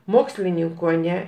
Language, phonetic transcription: Lithuanian, ˈmokslininko aˈne

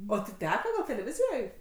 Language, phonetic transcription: Lithuanian, o ti ˈteka gal' teleˈvizijoj

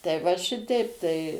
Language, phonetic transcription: Lithuanian, tai va ˈšiteip tai

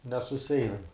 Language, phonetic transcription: Lithuanian, nesuˈseinam

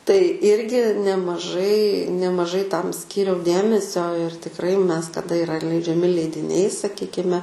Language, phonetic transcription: Lithuanian, tai ˈirgi nemaˈžai nemaˈžai ˈtam ˈskyriau ˈdėmesio ir tikˈrai ˈmes taˈda iˈra leidžiaˈmi leidiˈniai saˈkykime

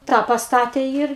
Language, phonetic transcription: Lithuanian, ˈtą pasˈtatė ˈir

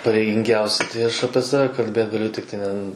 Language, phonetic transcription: Lithuanian, pareiginˈgiausi tai ˈaš ˈapie ˈsave kalˈbėt gaˈliu ˈtiktai ne n

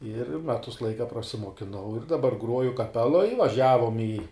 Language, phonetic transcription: Lithuanian, ir ˈmetus ˈlaika prasimuokiˈnau ir daˈbar ˈgruoju kaˈpeloj vaˈžiavom į

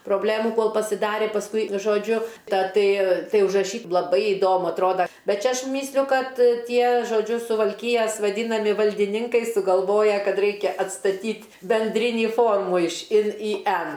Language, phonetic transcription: Lithuanian, proˈblėmu ˈkol pasiˈdarė pasˈkui žoˈdžiu ˈta ˈtai ˈtai užraˈšy laˈbai iˈdomu atˈroda ˈbet ˈčia ˈaš ˈmysliu ˈkad ˈtie žoˈdžiu suvalˈkyjas vaˈdynami valdiˈninkai sugalˈvoja ˈkad ˈraikia atstaˈtyt' benˈdrinį ˈformų iš ˈin į ˈen

